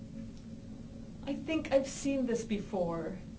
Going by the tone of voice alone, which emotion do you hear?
fearful